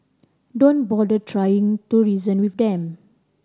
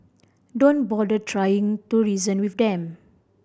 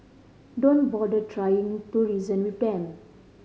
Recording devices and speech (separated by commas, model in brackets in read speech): standing microphone (AKG C214), boundary microphone (BM630), mobile phone (Samsung C5010), read sentence